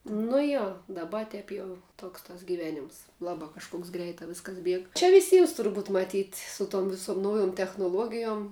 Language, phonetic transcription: Lithuanian, nu ˈjo daˈba ˈtep jau ˈtoks tas giˈvenims ˈlabā kažˈkoks ˈgreitā ˈviskas ˈbieg čia viˈsyms turˈbūt maˈtyt' ˈsu ˌtom viˈsom ˈnaujum technuˈluogijom

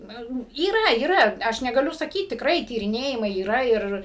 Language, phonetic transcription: Lithuanian, ˈnu yˈra yˈra ˈaš negaˈliu saˈkyt tikˈrai tyriˈnėjimai yˈra ˈir

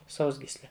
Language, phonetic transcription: Lithuanian, ˈsausgysle

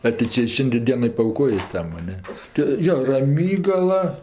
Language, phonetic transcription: Lithuanian, a tai ˈčia ˈšindė ˈdieno paauˈkojė ˈtam a ˈne ti ˈjo raˈmygala

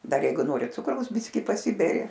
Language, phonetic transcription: Lithuanian, ˈdar ˈjeigu ˈnori ˈcukraus ˈbiski paˈsiberi

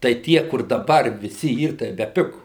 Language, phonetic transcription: Lithuanian, tai ˈtie kur daˈbar viˈsi ˈyr tai beˈpigu

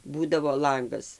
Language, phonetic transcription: Lithuanian, ˈbūdavo ˈlangas

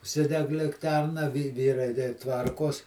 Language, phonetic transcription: Lithuanian, užˈsideg likˈterna vi ˈvyrai dei ˈtvarkos

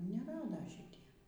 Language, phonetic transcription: Lithuanian, neˈrada šiˈtie

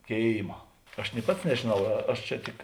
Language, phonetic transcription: Lithuanian, ˈkėima aš ni ˈpats nežėˈnau ˈaš čia ˈtik

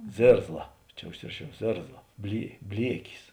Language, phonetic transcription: Lithuanian, ˈzėrzla ˈčia užˈsiraˌšiau ˈzėrzla blie ˈbliekis

